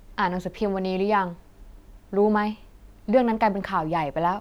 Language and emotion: Thai, frustrated